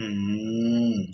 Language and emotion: Thai, neutral